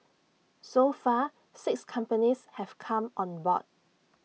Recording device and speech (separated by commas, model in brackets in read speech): mobile phone (iPhone 6), read sentence